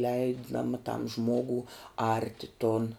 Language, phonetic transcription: Lithuanian, ˈleidam tam ˈžmogu ˈarti ton

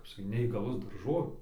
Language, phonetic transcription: Lithuanian, kap saˈkyt neįgaˈlus darˈžovė

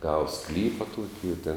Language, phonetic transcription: Lithuanian, ˈgava ˈsklypa ˈtuoki i tėn

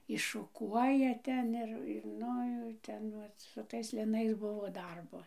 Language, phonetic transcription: Lithuanian, iššuˈkuoja ˈten ir ir ˈnu jau ˈvat ˈten su ˈtais liˈnais ˈbuvo ˈdarbo

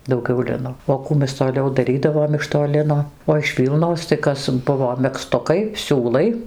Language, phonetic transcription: Lithuanian, dauˈgiau ˈlino o ˈkų mes toˈliau daˈrydavom iš to ˈlino o iš ˈvylnos tai ˈkas ˈbuvo megˈztukai ˈsiūlai

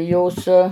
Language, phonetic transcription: Lithuanian, ˈjos

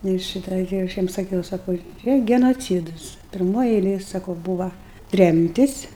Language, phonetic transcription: Lithuanian, ˈnu ir ˈšyta gi aš ˈjiem saˈkiau saˈkau ˈčia genoˈcydus pirˈmoj eiˈlėj saˈkau ˈbūva ˈtremtis

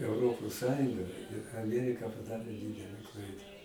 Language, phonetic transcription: Lithuanian, euˈropos ˈsąjunga ir aˈmierika paˈdarė ˈdydele ˈklaida

